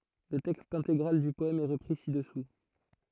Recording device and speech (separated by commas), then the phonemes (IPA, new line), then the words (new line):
throat microphone, read sentence
lə tɛkst ɛ̃teɡʁal dy pɔɛm ɛ ʁəpʁi sidɛsu
Le texte intégral du poème est repris ci-dessous.